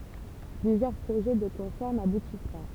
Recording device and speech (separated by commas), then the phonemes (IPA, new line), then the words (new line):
temple vibration pickup, read sentence
plyzjœʁ pʁoʒɛ də kɔ̃sɛʁ nabutis pa
Plusieurs projets de concerts n'aboutissent pas.